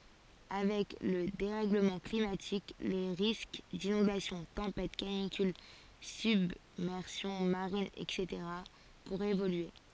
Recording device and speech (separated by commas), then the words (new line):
forehead accelerometer, read sentence
Avec le dérèglement climatique, les risques d'inondations, tempêtes, canicules, submersion marine, etc. pourraient évoluer.